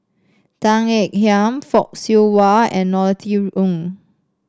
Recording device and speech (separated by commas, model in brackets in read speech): standing microphone (AKG C214), read sentence